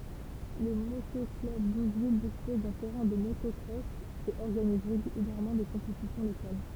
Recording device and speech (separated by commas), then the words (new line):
temple vibration pickup, read sentence
Le Moto-club d'Ouville dispose d'un terrain de motocross et organise régulièrement des compétitions locales.